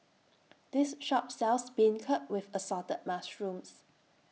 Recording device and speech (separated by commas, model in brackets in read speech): mobile phone (iPhone 6), read sentence